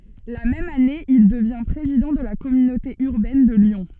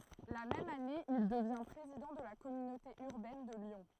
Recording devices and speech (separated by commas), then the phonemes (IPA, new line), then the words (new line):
soft in-ear microphone, throat microphone, read sentence
la mɛm ane il dəvjɛ̃ pʁezidɑ̃ də la kɔmynote yʁbɛn də ljɔ̃
La même année, il devient président de la communauté urbaine de Lyon.